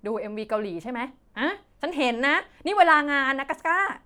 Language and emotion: Thai, angry